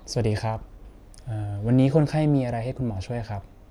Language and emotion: Thai, neutral